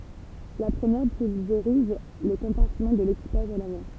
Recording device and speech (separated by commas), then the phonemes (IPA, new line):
temple vibration pickup, read sentence
la pʁəmjɛʁ pylveʁiz lə kɔ̃paʁtimɑ̃ də lekipaʒ a lavɑ̃